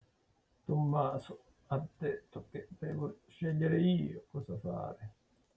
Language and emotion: Italian, sad